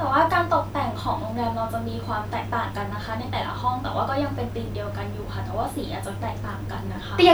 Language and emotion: Thai, neutral